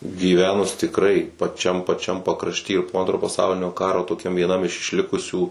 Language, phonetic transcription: Lithuanian, gyˈvenus tikˈrai paˈčiam paˈčiam pakrašˈty ir po ˈantro paˈsaulinio ˈkaro toˈkiam vieˈnam iš išˈlikusių

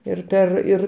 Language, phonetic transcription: Lithuanian, ir ˈper ir

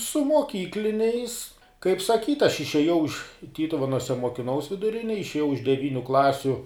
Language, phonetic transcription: Lithuanian, su moˈkykliniais kaip saˈkyt' aš išėˈjau iš ˈtytuvenuose mokiˈnaus viduˈrinėj išėˈjau iš deˈvyniu ˈklasiu

